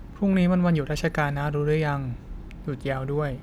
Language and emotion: Thai, neutral